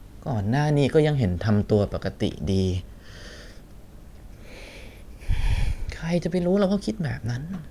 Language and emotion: Thai, sad